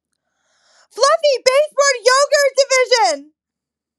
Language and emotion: English, surprised